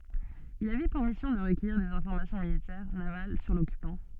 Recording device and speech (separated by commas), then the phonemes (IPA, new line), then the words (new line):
soft in-ear microphone, read sentence
il avɛ puʁ misjɔ̃ də ʁəkœjiʁ dez ɛ̃fɔʁmasjɔ̃ militɛʁ naval syʁ lɔkypɑ̃
Il avait pour mission de recueillir des informations militaires, navales sur l'occupant.